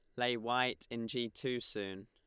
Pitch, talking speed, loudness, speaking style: 120 Hz, 195 wpm, -37 LUFS, Lombard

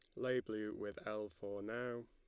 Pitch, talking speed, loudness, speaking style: 110 Hz, 190 wpm, -43 LUFS, Lombard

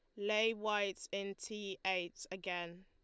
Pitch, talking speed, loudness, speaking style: 195 Hz, 135 wpm, -39 LUFS, Lombard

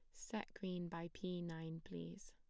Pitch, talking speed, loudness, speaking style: 170 Hz, 170 wpm, -48 LUFS, plain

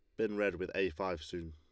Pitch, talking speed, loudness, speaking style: 95 Hz, 275 wpm, -37 LUFS, Lombard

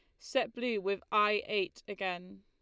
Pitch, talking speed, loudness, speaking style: 205 Hz, 160 wpm, -33 LUFS, Lombard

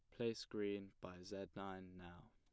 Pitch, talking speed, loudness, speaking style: 95 Hz, 170 wpm, -49 LUFS, plain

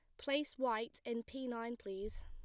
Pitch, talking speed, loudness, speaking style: 230 Hz, 175 wpm, -41 LUFS, plain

